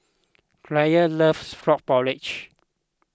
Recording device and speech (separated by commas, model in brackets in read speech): close-talking microphone (WH20), read sentence